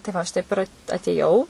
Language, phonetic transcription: Lithuanian, tai ˈva aš ˈtaip ir atėˈjau

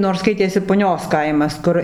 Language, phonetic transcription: Lithuanian, nors ˈskaitėsi puˈnios ˈkaimas ˈkur

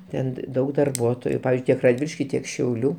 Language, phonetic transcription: Lithuanian, ˈten ˈdaug darˈbuotoju ˈpavizdžiui ˈtiek radˈviliški ˈtiek šiauˈlių

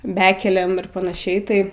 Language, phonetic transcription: Lithuanian, ˈbekelėm ir panaˈšiai tai

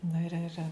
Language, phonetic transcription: Lithuanian, ˈna ir ir

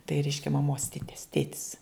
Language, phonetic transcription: Lithuanian, tai ˈreiškia maˈmos ˈtites ˈtėtis

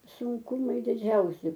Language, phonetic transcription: Lithuanian, sunˈkumai diˈdžiausi

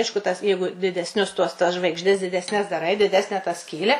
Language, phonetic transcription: Lithuanian, ˈaišku tas ˈjeigu didesˈnius tuos tas žvaigžˈdes didesˈnes daˈrai diˈdesne ta ˈskylę

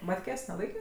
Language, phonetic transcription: Lithuanian, ˈmatkės' neˈlaikė

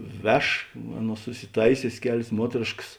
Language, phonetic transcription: Lithuanian, ˈveš ˈaˌnuos susiˈtaisiosės ˈkelės ˈmuotrėšks

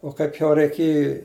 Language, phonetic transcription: Lithuanian, o ˈkaip jau reiˈkėji

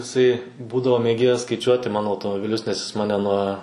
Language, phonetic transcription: Lithuanian, iˈsai ˈbūdavo mėˈgėjas skaiˈčiuoti ˈmano automobiˈlius nes jis ˈmane nuo

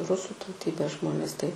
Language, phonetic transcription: Lithuanian, ˈrusų tauˈtybės ˈžmonės tai

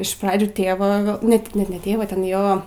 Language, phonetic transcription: Lithuanian, iš ˈpradžiu ˈtėva ˈnet net ne ˈtėva ˈten ˈjo

